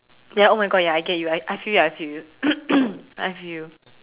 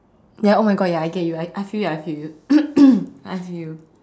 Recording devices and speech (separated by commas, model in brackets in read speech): telephone, standing microphone, conversation in separate rooms